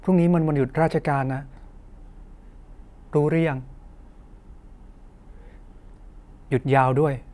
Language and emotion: Thai, frustrated